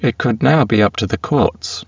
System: VC, spectral filtering